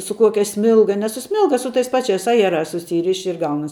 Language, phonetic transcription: Lithuanian, su ˈkuokia ˈsmilga ne su ˈsmilga su tais ˈpačiais ˈajerās suˈsyriši ir ˈgaunas

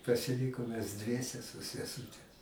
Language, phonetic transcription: Lithuanian, pasiˈlykom mes ˈdviese su seˈsūte

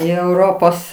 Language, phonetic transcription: Lithuanian, į euˈropos

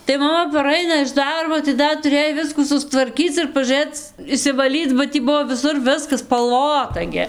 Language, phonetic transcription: Lithuanian, tai maˈma paˈraina iš ˈdarbo tai ˈdar tuˈrėj ˈviskų sustvarˈkyc ir pažūˈrɘc išsivaˈlyc ba ˈtį ˈbuvo viˈsur ˈviskas spalˈvota gi

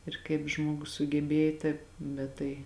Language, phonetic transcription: Lithuanian, ir kaip ˈžmuogus sugeˈbėj taip ˈbet tai

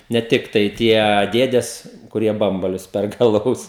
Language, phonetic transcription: Lithuanian, ne ˈtiktai ˈtie ˈdėdes kuˈrie ˈbambalius ˈperka aˈlaus

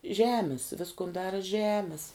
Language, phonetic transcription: Lithuanian, ˈžemis ˈviskun ˈdara ˈžemis

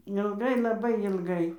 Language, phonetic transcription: Lithuanian, ilˈgai laˈbai ilˈgai

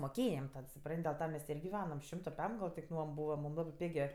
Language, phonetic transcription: Lithuanian, moˈkėjam ten suˈpran't' del ˈta mes ˈtė ir giˈvenam ˈšimto ˈpem gal tik ˈnuom ˈbūva ˈmūm ˈlabɜ ˈpigė

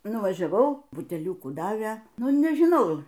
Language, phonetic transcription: Lithuanian, nuvažiaˈvau buteˈliukų ˈdavė ˈnu nežiˈnau

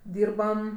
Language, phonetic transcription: Lithuanian, ˈdyrbam

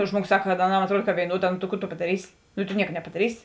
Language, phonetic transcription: Lithuanian, ˈžmuoˌgos ˈsak kad aˈnam atˈruod ka vėiˈnuoˌdā no ta ˈku tu padaˈrysi nu tu ˈnieka nepadaˈrysi

